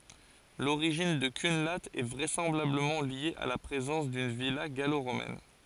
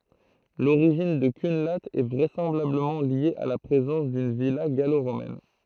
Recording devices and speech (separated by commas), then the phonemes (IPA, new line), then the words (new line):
forehead accelerometer, throat microphone, read sentence
loʁiʒin də kœ̃la ɛ vʁɛsɑ̃blabləmɑ̃ lje a la pʁezɑ̃s dyn vila ɡaloʁomɛn
L'origine de Cunlhat est vraisemblablement liée à la présence d'une villa gallo-romaine.